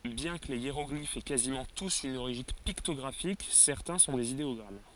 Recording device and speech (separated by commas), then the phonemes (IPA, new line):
forehead accelerometer, read sentence
bjɛ̃ kə le jeʁɔɡlifz ɛ kazimɑ̃ tus yn oʁiʒin piktɔɡʁafik sɛʁtɛ̃ sɔ̃ dez ideɔɡʁam